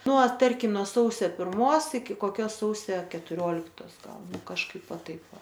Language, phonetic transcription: Lithuanian, ˈnuo ˈtarkim nuo ˈsausia pirˈmos iki koˈkios ˈsausia ketuˈrioliktos ˈgal nu kažˈkaip ˈva ˈtaip ˈva

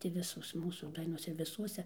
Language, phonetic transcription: Lithuanian, ti ˈvisos ˈmūsų ˈdainos ir viˈsuose

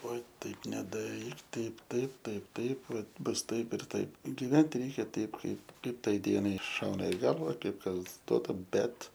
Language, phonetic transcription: Lithuanian, ˈva ˈtaip nedaˈryk ˈtaip ˈtaip ˈtaip ˈtaip ˈva ˈbus ˈtaip ir ˈtaip giˈventi ˈreikia ˈteip ˈkaip ˈkaip ˈtai ˈdienai ˈšauna i ˈgalva ˈkaip ˈkas ˈduota ˈbet

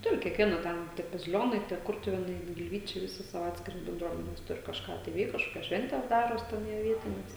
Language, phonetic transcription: Lithuanian, ˈturi kiekˈviena ˈten tie baziˈlionai tie ˈkurtuvėnai gilˈvyčiai viˈsi ˈsavo ˈatskiras benˈdruomenes ˈturi kažˈką tai ˈveik kažˈkokias ˈšventes ˈdaros ˈten jie ˈvietines

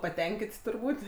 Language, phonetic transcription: Lithuanian, paˈtenkit' turˈbūt'

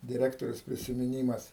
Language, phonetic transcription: Lithuanian, diˈrektorės prisimiˈnymas

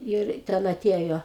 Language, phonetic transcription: Lithuanian, ˈir ten aˈtėjo

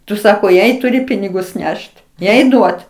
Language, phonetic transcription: Lithuanian, ˈtu ˈsako ˈjai tuˈri ˈpinigus ˈnešt ˈjai ˈduot

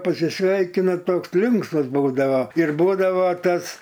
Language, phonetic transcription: Lithuanian, pasiˈsveikina ˈtoks ˈlinksmas ˈbūdava ir ˈbūdava ˈtas

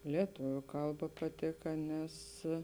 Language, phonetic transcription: Lithuanian, lieˈtoviu ˈkalˌba paˈtėka ˈnes

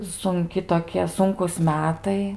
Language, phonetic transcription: Lithuanian, sunˈki toˈkie ˈsunkūs ˈmetai

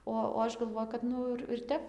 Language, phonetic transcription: Lithuanian, ˈo o ˈaš galˈvoju kad ˈnu ir ir ˈtep

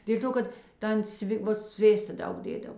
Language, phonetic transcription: Lithuanian, dėl' ˈto ˈkad ˈtan ˈsvi ˈva ˈsvėsta ˈdaug ˈdėdav

